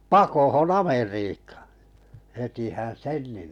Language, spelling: Finnish, pakoon Amerikkaan hetihän sen niin
- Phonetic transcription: pakohon 'Ameriikᴀᴀ hetihän "sen ni .

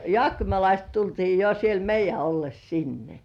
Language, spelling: Finnish, jaakkimalaiset tultiin jo siellä meidän ollessa sinne
- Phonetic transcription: jŏàkkimalaist 'tultii jo siel "meij̆jä olles 'sinne .

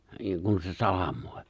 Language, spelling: Finnish, - kun se salamoi
- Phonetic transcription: -ŋ kun se 'salam̀òip .

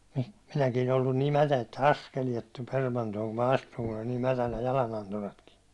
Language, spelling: Finnish, minäkin ollut niin mätä että askeleet tuli permantoon kun minä astuin kun oli niin mätänä jalananturatkin
- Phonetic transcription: 'minäkiin ‿ollun nii 'mätä että "askeliet tuĺ 'permantooŋ kum ma 'astuŋ kun oĺ nii 'mätänä 'jalananturatki .

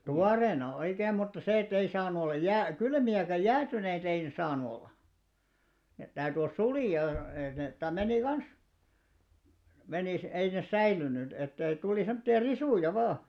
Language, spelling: Finnish, tuoreena oikein mutta se että ei saanut olla - jääkylmiä eikä jäätyneitä ei ne saanut olla ne täytyi olla sulia että ne - meni kanssa menisi ei ne säilynyt että ei tuli semmoisia risuja vain
- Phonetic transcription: tuareena "oikeem mutta se 'ettei saanu 'ollaj 'jää- , "kylmi₍ä ekä 'jäätyneitᵃ̈ ei ne 'saanu 'olla , net 'täyty ols "sulì₍a et net ta- menì "kans , menìs , ei nes "säilynyt , ettei 'tùli semᵒtti₍a "risùja 'vaa .

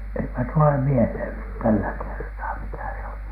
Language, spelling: Finnish, eipä tule mieleen nyt tällä kertaa mikä se oli
- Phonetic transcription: eipä tule "mielhèn nyt 'tällä 'kertaa 'mikä se oli .

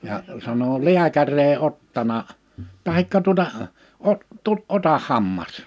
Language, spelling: Finnish, ja sanoi lääkäri ei ottanut tai tuota - - ota hammas
- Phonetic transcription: ja’ sano » "liäkär̀ ‿ei 'ottana « , 'tahikka tuᵒta , 'o- , 'tu- , » 'otah̆ 'hammas « .

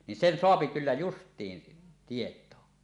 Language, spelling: Finnish, niin sen saa kyllä justiinsa tietoon
- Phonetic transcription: nin "sen 'soapi kyllä "just̀iin , 'tietoo .

